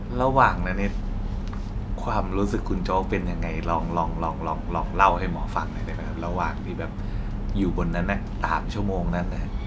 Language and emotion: Thai, neutral